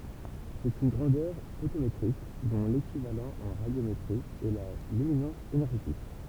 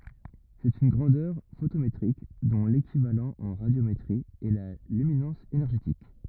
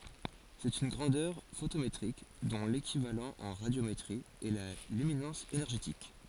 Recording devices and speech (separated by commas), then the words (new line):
temple vibration pickup, rigid in-ear microphone, forehead accelerometer, read sentence
C'est une grandeur photométrique, dont l'équivalent en radiométrie est la luminance énergétique.